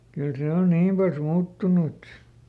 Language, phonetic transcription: Finnish, ˈkyl ˈsè on ˈniim pals "muuttunu et ,.
- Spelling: kyllä se on niin paljon muuttunut et

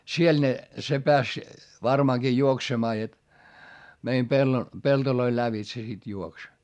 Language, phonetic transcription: Finnish, siel ne , se peäs , varmaaŋGi juoksemaa jot , meim pello , peltoloil lävitse sit juoks .
- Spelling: siellä ne se pääsi varmaankin juoksemaan jotta meidän pellon peltojen lävitse sitten juoksi

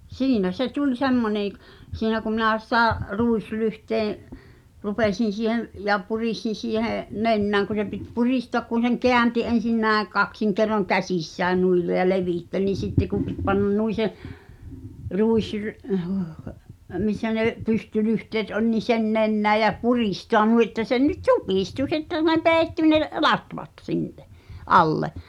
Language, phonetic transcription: Finnish, siinä se 'tuĺ 'semmoneḛ ᵏ- , siinä ku minä̀ 'sⁱtä , 'ruislyhteeḛ , 'rupesin̬ siihen̬ , ja 'puris(t)in̬ siiheeḛ , "nennä̀ŋ ku se pit 'purìstoăk kun̬ seŋ "keänti "en̬sin 'nä̀eḛ 'kaksiŋ kerroŋ "käsissään nuil le- ja "levìttel nin̬ 'sitte kù pit pannan 'nui se , "ruisry’- , missä nè’ , 'pystylyhteet oĺ ni "sen nennää jä "purìstoa nui ᵉttä sen nyt "supìstu sitte ne "peeⁱtty ne , "latvat 'sinne , '’alle .
- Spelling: siinä se tuli semmoinen - siinä kun minä sitä ruislyhteen rupesin siihen ja puristin siihen nenään kun se piti puristua kun sen käänsi ensin näin kaksin kerroin käsissään noin - ja levitti niin sitten kun piti panna noin se - missä ne pystylyhteet oli niin sen nenään ja puristaa noin että sen nyt supistui sitten ne peittyi ne latvat sinne alle

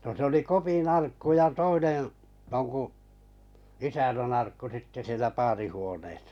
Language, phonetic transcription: Finnish, no se oli 'Kopi'n ‿arkku ja 'toineḛ , joŋku 'isänän'n ‿arkku sitte 'sielä "paarihuoneesᴀ .
- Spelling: no se oli Kopin arkku ja toinen jonkun isännän arkku sitten siellä paarihuoneessa

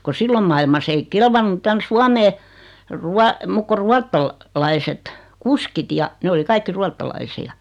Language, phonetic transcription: Finnish, ko 'sillom mailma's ‿ei "kelvannu tän "Suamee , 'rua- , 'muk ko "ruattal- , -'laiset , "kuskit ja , 'ne oli "kaikki 'ruattalaisi₍a .
- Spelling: kun silloin maailmassa ei kelvannut tänne Suomeen - muut kuin - ruotsalaiset kuskit ja ne oli kaikki ruotsalaisia

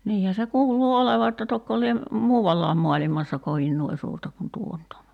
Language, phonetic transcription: Finnish, 'niihä se 'kuuluu "oleva että 'tokko lie , "muuvallaam 'mo̭alimassa 'kovin "nuoi suurta kun 'tuo nyt ‿on .
- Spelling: niinhän se kuuluu olevan että tokko lie muualla maailmassa kovin noin suurta kuin tuo nyt on

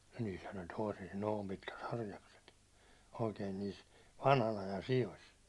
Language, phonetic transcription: Finnish, niishän ol' tòisis 'noom pitkät 'harjakset , oikeen niis , 'vanhan ‿ajan "sijos .
- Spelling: niissähän olisi toisissa noin pitkät harjakset oikein niissä vanhan ajan sioissa

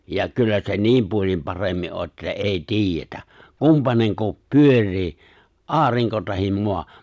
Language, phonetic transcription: Finnish, ja 'kyllä se "niim 'puol̜im 'paremmi’ ’o ’että ''’ei ''ti̬ijjetä , ''kumpaneŋko , "pyör̆rii , '’aariŋko tahim 'moa .
- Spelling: ja kyllä se niin puolin paremmin on että ei tiedetä kumpainen pyörii aurinko tai maa

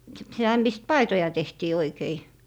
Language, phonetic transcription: Finnish, s - sitä mist "paitoja 'tehtii 'oikei .
- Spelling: - sitä mistä paitoja tehtiin oikein

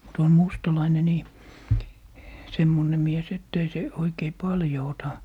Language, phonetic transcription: Finnish, mut on 'mustalaine nii , 'semmone mies ett ‿ei se , 'oikei "paljo 'ota .
- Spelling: mutta on mustalainen niin semmoinen mies että ei se oikein paljon ota

